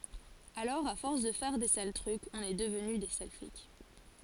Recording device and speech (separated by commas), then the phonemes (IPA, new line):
forehead accelerometer, read sentence
alɔʁ a fɔʁs də fɛʁ de sal tʁykz ɔ̃n ɛ dəvny de sal flik